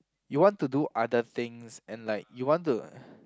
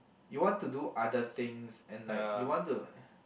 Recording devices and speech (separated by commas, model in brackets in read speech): close-talking microphone, boundary microphone, conversation in the same room